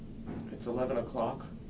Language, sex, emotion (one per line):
English
male
neutral